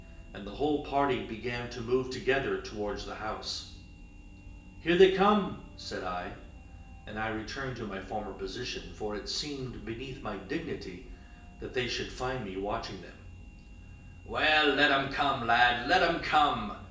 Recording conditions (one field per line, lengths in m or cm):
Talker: one person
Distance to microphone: 1.8 m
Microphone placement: close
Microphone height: 1.0 m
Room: large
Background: music